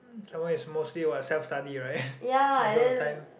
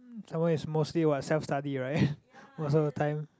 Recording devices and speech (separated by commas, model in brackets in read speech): boundary microphone, close-talking microphone, conversation in the same room